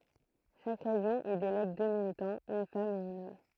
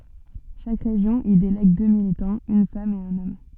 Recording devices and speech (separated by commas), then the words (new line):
throat microphone, soft in-ear microphone, read sentence
Chaque région y délègue deux militants, une femme et un homme.